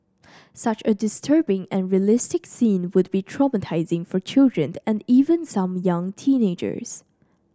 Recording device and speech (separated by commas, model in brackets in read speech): standing microphone (AKG C214), read sentence